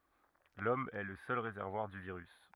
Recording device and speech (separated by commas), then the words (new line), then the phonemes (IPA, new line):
rigid in-ear microphone, read sentence
L'Homme est le seul réservoir du virus.
lɔm ɛ lə sœl ʁezɛʁvwaʁ dy viʁys